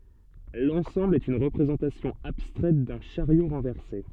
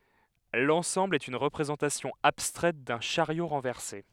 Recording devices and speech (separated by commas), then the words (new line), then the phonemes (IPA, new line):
soft in-ear microphone, headset microphone, read sentence
L'ensemble est une représentation abstraite d'un chariot renversé.
lɑ̃sɑ̃bl ɛt yn ʁəpʁezɑ̃tasjɔ̃ abstʁɛt dœ̃ ʃaʁjo ʁɑ̃vɛʁse